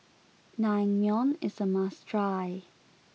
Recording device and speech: mobile phone (iPhone 6), read sentence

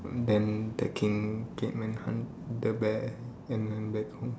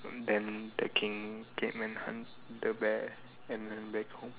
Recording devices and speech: standing microphone, telephone, conversation in separate rooms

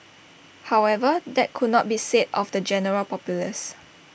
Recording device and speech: boundary microphone (BM630), read sentence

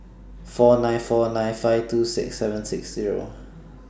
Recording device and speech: standing microphone (AKG C214), read sentence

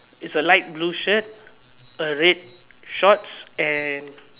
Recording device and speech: telephone, conversation in separate rooms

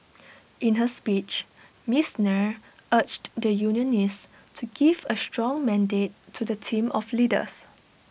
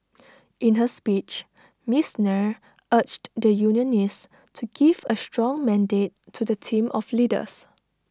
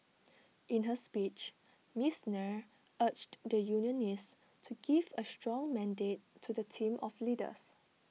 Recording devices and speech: boundary microphone (BM630), standing microphone (AKG C214), mobile phone (iPhone 6), read sentence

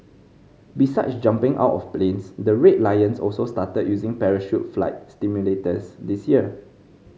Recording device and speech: mobile phone (Samsung C5010), read sentence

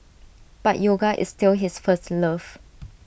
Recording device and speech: boundary microphone (BM630), read sentence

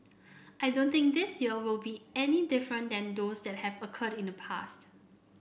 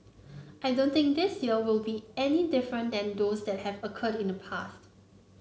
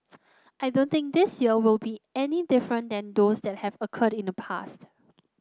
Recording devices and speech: boundary microphone (BM630), mobile phone (Samsung C9), close-talking microphone (WH30), read sentence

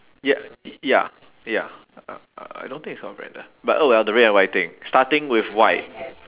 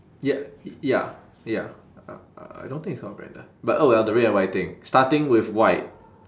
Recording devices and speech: telephone, standing microphone, conversation in separate rooms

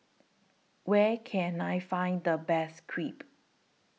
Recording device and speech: mobile phone (iPhone 6), read sentence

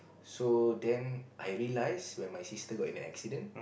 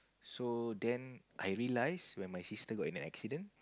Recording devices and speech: boundary microphone, close-talking microphone, conversation in the same room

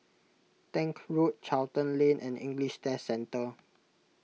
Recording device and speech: mobile phone (iPhone 6), read sentence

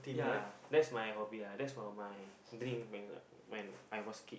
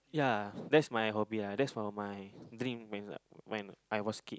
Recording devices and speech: boundary microphone, close-talking microphone, conversation in the same room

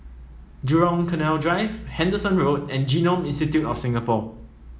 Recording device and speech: mobile phone (iPhone 7), read sentence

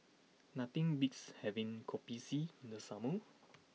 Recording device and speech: mobile phone (iPhone 6), read sentence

